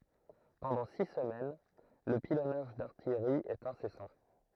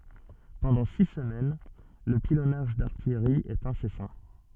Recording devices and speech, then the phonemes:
throat microphone, soft in-ear microphone, read sentence
pɑ̃dɑ̃ si səmɛn lə pilɔnaʒ daʁtijʁi ɛt ɛ̃sɛsɑ̃

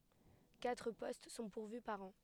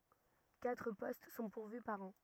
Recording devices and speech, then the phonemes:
headset microphone, rigid in-ear microphone, read sentence
katʁ pɔst sɔ̃ puʁvy paʁ ɑ̃

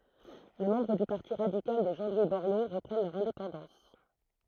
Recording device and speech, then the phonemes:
throat microphone, read sentence
le mɑ̃bʁ dy paʁti ʁadikal də ʒɑ̃ lwi bɔʁlo ʁəpʁɛn lœʁ ɛ̃depɑ̃dɑ̃s

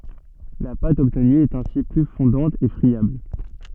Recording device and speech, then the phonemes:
soft in-ear microphone, read sentence
la pat ɔbtny ɛt ɛ̃si ply fɔ̃dɑ̃t e fʁiabl

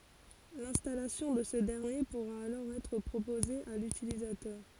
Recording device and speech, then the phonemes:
forehead accelerometer, read sentence
lɛ̃stalasjɔ̃ də sə dɛʁnje puʁa alɔʁ ɛtʁ pʁopoze a lytilizatœʁ

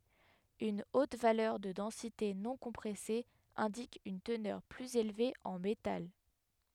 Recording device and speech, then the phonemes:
headset microphone, read sentence
yn ot valœʁ də dɑ̃site nɔ̃kɔ̃pʁɛse ɛ̃dik yn tənœʁ plyz elve ɑ̃ metal

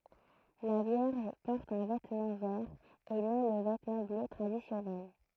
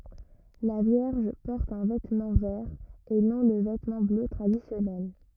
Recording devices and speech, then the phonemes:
throat microphone, rigid in-ear microphone, read sentence
la vjɛʁʒ pɔʁt œ̃ vɛtmɑ̃ vɛʁ e nɔ̃ lə vɛtmɑ̃ blø tʁadisjɔnɛl

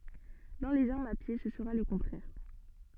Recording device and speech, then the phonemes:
soft in-ear microphone, read sentence
dɑ̃ lez aʁmz a pje sə səʁa lə kɔ̃tʁɛʁ

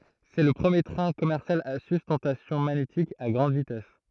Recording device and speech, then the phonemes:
throat microphone, read sentence
sɛ lə pʁəmje tʁɛ̃ kɔmɛʁsjal a systɑ̃tasjɔ̃ maɲetik a ɡʁɑ̃d vitɛs

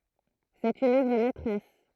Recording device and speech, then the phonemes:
throat microphone, read sentence
sɛt yn œvʁ mɛtʁɛs

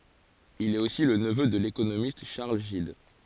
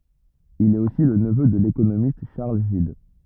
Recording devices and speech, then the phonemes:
forehead accelerometer, rigid in-ear microphone, read sentence
il ɛt osi lə nəvø də lekonomist ʃaʁl ʒid

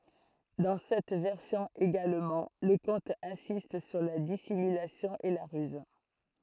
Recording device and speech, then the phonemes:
throat microphone, read sentence
dɑ̃ sɛt vɛʁsjɔ̃ eɡalmɑ̃ lə kɔ̃t ɛ̃sist syʁ la disimylasjɔ̃ e la ʁyz

